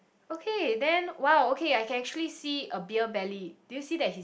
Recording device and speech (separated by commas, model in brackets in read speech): boundary microphone, conversation in the same room